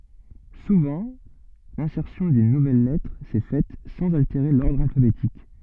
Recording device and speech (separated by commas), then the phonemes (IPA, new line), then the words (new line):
soft in-ear microphone, read sentence
suvɑ̃ lɛ̃sɛʁsjɔ̃ dyn nuvɛl lɛtʁ sɛ fɛt sɑ̃z alteʁe lɔʁdʁ alfabetik
Souvent, l'insertion d'une nouvelle lettre s'est faite sans altérer l'ordre alphabétique.